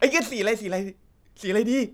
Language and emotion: Thai, happy